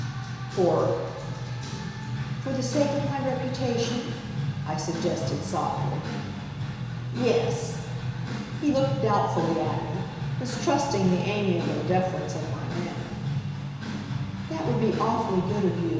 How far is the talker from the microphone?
1.7 m.